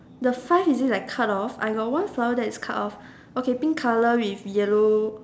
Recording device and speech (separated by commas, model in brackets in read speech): standing microphone, conversation in separate rooms